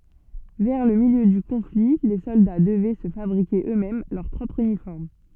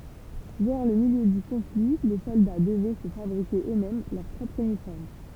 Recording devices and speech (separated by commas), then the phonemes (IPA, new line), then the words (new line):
soft in-ear microphone, temple vibration pickup, read sentence
vɛʁ lə miljø dy kɔ̃fli le sɔlda dəvɛ sə fabʁike ø mɛm lœʁ pʁɔpʁ ynifɔʁm
Vers le milieu du conflit les soldats devaient se fabriquer eux-mêmes leur propre uniforme.